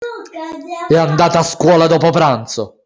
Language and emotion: Italian, angry